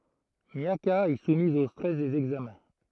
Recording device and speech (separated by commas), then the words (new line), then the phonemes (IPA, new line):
throat microphone, read sentence
Miaka est soumise au stress des examens.
mjaka ɛ sumiz o stʁɛs dez ɛɡzamɛ̃